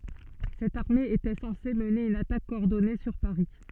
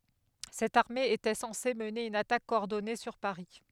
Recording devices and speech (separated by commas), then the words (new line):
soft in-ear microphone, headset microphone, read sentence
Cette armée était censée mener une attaque coordonnée sur Paris.